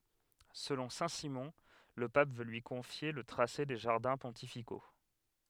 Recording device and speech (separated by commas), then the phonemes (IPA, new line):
headset microphone, read sentence
səlɔ̃ sɛ̃tsimɔ̃ lə pap vø lyi kɔ̃fje lə tʁase de ʒaʁdɛ̃ pɔ̃tifiko